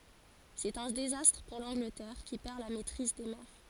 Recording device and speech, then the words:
forehead accelerometer, read sentence
C'est un désastre pour l'Angleterre, qui perd la maîtrise des mers.

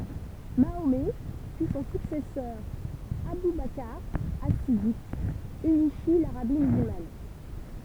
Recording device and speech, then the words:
temple vibration pickup, read sentence
Mahomet puis son successeur Abou Bakr As-Siddiq, unifient l'Arabie musulmane.

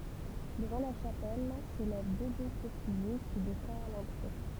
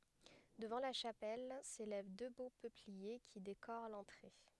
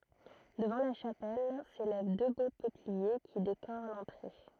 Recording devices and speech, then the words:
temple vibration pickup, headset microphone, throat microphone, read sentence
Devant la chapelle s’élèvent deux beaux peupliers qui décorent l’entrée.

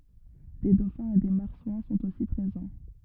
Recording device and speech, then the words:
rigid in-ear microphone, read sentence
Des dauphins et des marsouins sont aussi présents.

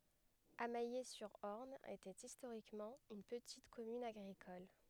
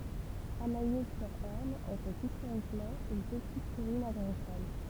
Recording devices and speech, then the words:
headset microphone, temple vibration pickup, read sentence
Amayé-sur-Orne était historiquement une petite commune agricole.

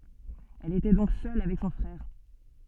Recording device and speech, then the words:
soft in-ear microphone, read sentence
Elle était donc seule avec son frère.

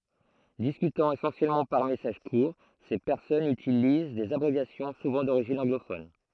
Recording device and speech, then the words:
throat microphone, read sentence
Discutant essentiellement par messages courts, ces personnes utilisent des abréviations, souvent d'origine anglophone.

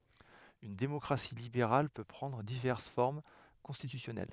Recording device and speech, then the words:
headset microphone, read sentence
Une démocratie libérale peut prendre diverses formes constitutionnelles.

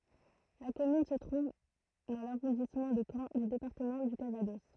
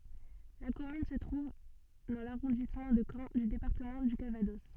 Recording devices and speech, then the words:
throat microphone, soft in-ear microphone, read sentence
La commune se trouve dans l'arrondissement de Caen du département du Calvados.

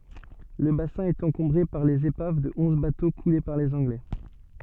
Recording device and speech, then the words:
soft in-ear microphone, read sentence
Le bassin est encombré par les épaves de onze bateaux coulés par les Anglais.

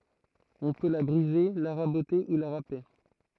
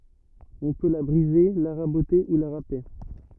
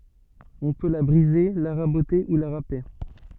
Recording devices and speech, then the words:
throat microphone, rigid in-ear microphone, soft in-ear microphone, read sentence
On peut la briser, la raboter ou la râper.

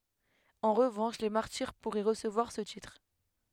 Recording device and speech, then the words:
headset microphone, read sentence
En revanche les martyrs pourraient recevoir ce titre.

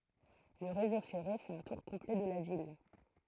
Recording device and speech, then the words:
throat microphone, read sentence
Le réseau ferré fait un tour complet de la ville.

